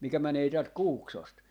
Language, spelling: Finnish, mikä menee täältä Kuuksosta
- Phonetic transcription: 'mikä 'mänee täält "Kuuksost .

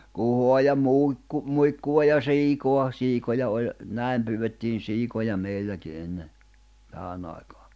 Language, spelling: Finnish, kuhaa ja - muikkua ja siikaa siikoja oli näin pyydettiin siikoja meilläkin ennen tähän aikaan
- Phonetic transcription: kuhoa ja 'mùikku- , "muikkuʷa ja "siikoa , 'siikoja oĺ , 'nä̀im pyywettiin 'siikoja 'meilläki enne , 'tähänⁿ ‿àikᴀᴀ .

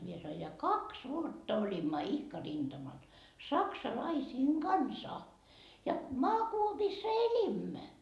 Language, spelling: Finnish, minä sanoin ja kaksi vuotta olimme ihka rintamalla saksalaisten kanssa ja maakuopissa elimme
- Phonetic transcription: mie sanoi » ja "kaks 'vuotta oĺimma 'ihka rinDamal , "saksalaisiiŋ "Gansa ja "maakuopiissa "elimmä .

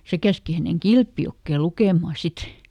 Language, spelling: Finnish, se käski hänen Kilpijokeen lukemaan sitten
- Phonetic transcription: ˈse käski häneŋ "Kilpjokkè ˈlukèmà ˈsit .

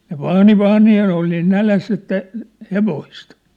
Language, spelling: Finnish, ne vaani vaani ja ne oli niin nälässä että hevosta
- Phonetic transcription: ne "vaani "vaani ja ne ‿ol niin "näläss ‿että , 'hevoist !

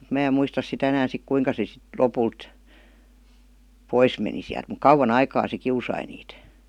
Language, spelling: Finnish, mutta minä en muista sitä enää sitten kuinka se sitten lopulta pois meni sieltä mutta kauan aikaa se kiusasi niitä
- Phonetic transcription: muᵗ 'mää em "muistas sitä 'enään̬ sik "kuiŋka se sit "lopult , "pois meni siält muk "kauwa'n ‿aikaa se 'kiusai niit .

